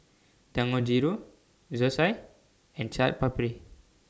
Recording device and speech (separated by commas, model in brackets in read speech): standing microphone (AKG C214), read sentence